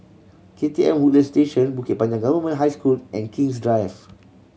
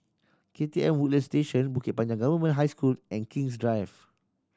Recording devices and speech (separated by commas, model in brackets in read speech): mobile phone (Samsung C7100), standing microphone (AKG C214), read sentence